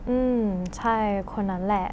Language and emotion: Thai, neutral